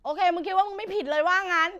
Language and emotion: Thai, angry